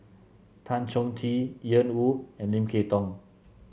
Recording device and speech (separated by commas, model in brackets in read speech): mobile phone (Samsung C7), read sentence